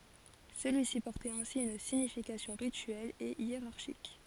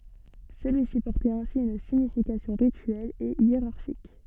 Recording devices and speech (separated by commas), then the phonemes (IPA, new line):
forehead accelerometer, soft in-ear microphone, read sentence
səlyi si pɔʁtɛt ɛ̃si yn siɲifikasjɔ̃ ʁityɛl e jeʁaʁʃik